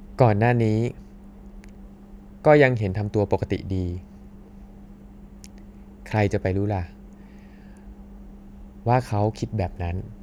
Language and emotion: Thai, sad